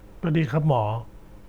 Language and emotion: Thai, neutral